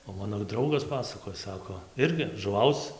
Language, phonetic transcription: Lithuanian, o ˈmano ˈdraugas ˈpasakoj ˈsako ˈirgi žuˈvauc

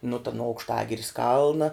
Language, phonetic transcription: Lithuanian, nu ta nu aukšˈtagiris ˈkalna

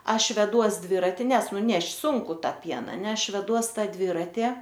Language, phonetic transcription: Lithuanian, ˈaš veˈduos ˈdvirati ˈnes ˈnu nešt' ˈsunku ˈtą ˈpieną ne ˈaš veˈduos ˈtą ˈdvirati

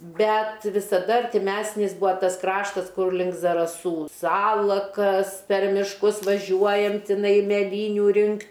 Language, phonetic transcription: Lithuanian, ˈbet visaˈda artiˈmæsnis ˈbua ˈtas ˈkraštas ˈkur link zaraˈsų ˈsalakas per mišˈkus vaˈžiuojam tiˈnai meˈlyniu ˈrinkt'

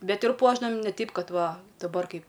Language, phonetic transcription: Lithuanian, ˈbet ir ˈpuošdavam ˈne ˈteip ˈkad ˈva daˈbar ˈkaip

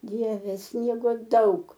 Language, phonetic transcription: Lithuanian, ˈdieve ˈsniego ˈdaug

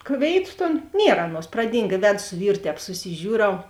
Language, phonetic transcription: Lithuanian, ˈkvėiˌtu ˈton ˈnier ˈaˌnuos praˈdyng i ˈvedu su ˈvyru ˈtēp susiˈžiūˌrau

